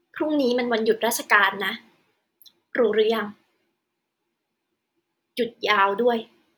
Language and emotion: Thai, frustrated